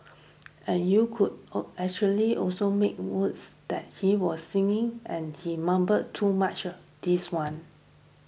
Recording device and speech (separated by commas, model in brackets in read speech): boundary microphone (BM630), read sentence